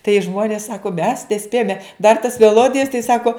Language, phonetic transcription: Lithuanian, tai ˈžmonės ˈsako mes neˈspėjome dar tas meˈlodijas tai ˈsako

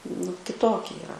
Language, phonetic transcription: Lithuanian, nu kiˈtoki yˈra

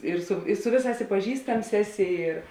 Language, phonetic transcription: Lithuanian, ir su i ˈsu vėˌsās i paˈžįstams ˈeˌsi ir

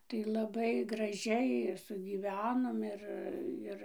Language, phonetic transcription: Lithuanian, tai laˈbai graˈžiai ir sugyˈvenom ˈir ˈir

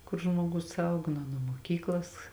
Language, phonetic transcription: Lithuanian, kur žmuoˈgus ˈauga nuo ˈnuo muoˈkyklas

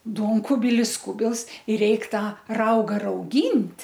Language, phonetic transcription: Lithuanian, ˈduonkubilis ˈkubils ir ˈreik ˈtą ˈrauga rauˈgynt'

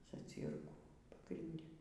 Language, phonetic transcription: Lithuanian, zaˈcyrkų pagrinˈde

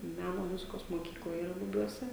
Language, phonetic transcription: Lithuanian, ˈmæno ˈmuzikos moˈkykla yˈra buˈbiuose

